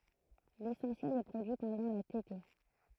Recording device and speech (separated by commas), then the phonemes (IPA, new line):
throat microphone, read sentence
lesɑ̃sjɛl ɛ pʁodyi pɑ̃dɑ̃ la tete